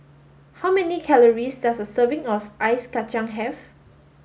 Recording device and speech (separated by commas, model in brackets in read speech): mobile phone (Samsung S8), read sentence